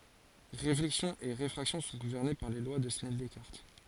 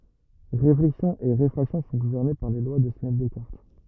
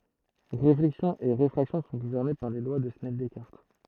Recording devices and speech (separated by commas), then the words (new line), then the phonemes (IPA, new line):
forehead accelerometer, rigid in-ear microphone, throat microphone, read sentence
Réflexion et réfraction sont gouvernées par les lois de Snell-Descartes.
ʁeflɛksjɔ̃ e ʁefʁaksjɔ̃ sɔ̃ ɡuvɛʁne paʁ le lwa də snɛl dɛskaʁt